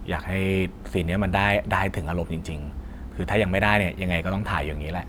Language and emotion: Thai, frustrated